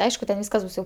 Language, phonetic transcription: Lithuanian, ˈaišku ten ˈvyskas ˈbus jau

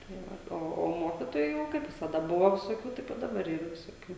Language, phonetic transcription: Lithuanian, tai ˈva ˈo o ˈmokitojų kaip visaˈda ˈbuvo visoˈkių ˈtaip i daˈbar ˈyra visoˈkių

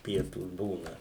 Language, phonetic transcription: Lithuanian, ˈpietūs ˈbūna

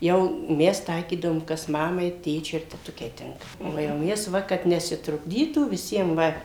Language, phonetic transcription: Lithuanian, jau ˈmes ˈtaikydavom kas ˈmamai ˈtėčiui ir teˈtukei ˈtinka o jau ˈmes ˈva kad nesitrukˈdytų viˈsiem ˈva

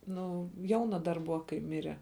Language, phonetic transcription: Lithuanian, ˈnu ˈjauna dar ˈbuva kai ˈmire

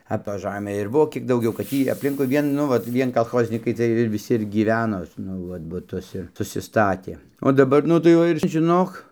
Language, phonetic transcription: Lithuanian, a toj ˈžamė ir ˈbuvo kiek dauˈgiau kad ˈtį apˈlinkui ˈvien ˈnu vat ˈvien kalˈchoznykai ˈciej viˈsi ir gyˈveno nu ˈvat buˈtus ir susiˈstatė o daˈbar ˈnu tai ˈva ir žiˈnok

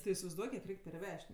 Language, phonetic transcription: Lithuanian, ti isivaizˈduok kiek ˈreik' perˈvež't'

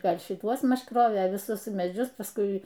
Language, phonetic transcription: Lithuanian, ˈgal' šiˈtuos ˈmaž ˈkrovė viˈsus meˈdžius pasˈkui

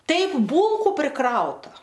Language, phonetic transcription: Lithuanian, ˈtaip ˈbūlku priˈkrauta

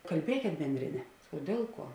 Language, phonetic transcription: Lithuanian, kalˈbiekėt ˈbendrėˌne o ˈdėl ˌkuo

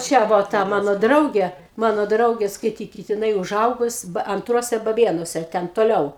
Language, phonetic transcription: Lithuanian, ˈčia ˈvo ˈta ˈmano ˈdraugė ˈmano ˈdraugė skaiˈtykit jiˈnai uˈžaugus anˈtruose baˈbėnuose ˈten toˈliau

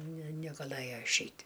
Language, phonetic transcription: Lithuanian, ne negaˈlɘjo išˈeit'

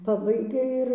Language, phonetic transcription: Lithuanian, ˈpabaigia ir

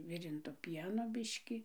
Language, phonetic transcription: Lithuanian, ˈvirinto ˈpieno ˈbiški

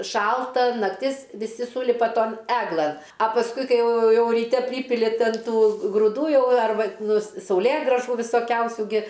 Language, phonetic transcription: Lithuanian, ˈšalta nakˈtis viˈsi ˈsūlipa ˈton ˈeglɘn a pasˈkui ˈkai ˈjau ˈjau ryˈte ˈprypili ˈtin ˈtų gruˈdų ˈjau arˈba nu s sauˈlėgrąžų visoˈkiausių gi

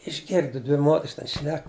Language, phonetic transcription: Lithuanian, išˈgirdu ˈdvi ˈmoters ten ˈšnek

